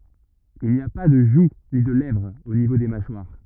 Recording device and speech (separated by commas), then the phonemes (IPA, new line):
rigid in-ear microphone, read sentence
il ni a pa də ʒu ni də lɛvʁ o nivo de maʃwaʁ